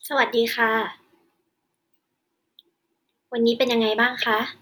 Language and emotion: Thai, neutral